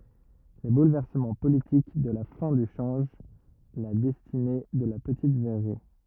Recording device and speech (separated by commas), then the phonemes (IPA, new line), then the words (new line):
rigid in-ear microphone, read sentence
le bulvɛʁsəmɑ̃ politik də la fɛ̃ dy ʃɑ̃ʒ la dɛstine də la pətit vɛʁʁi
Les bouleversements politiques de la fin du change la destinée de la petite verrerie.